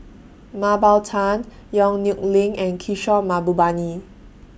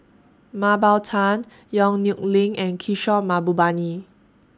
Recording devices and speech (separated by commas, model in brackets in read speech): boundary microphone (BM630), standing microphone (AKG C214), read sentence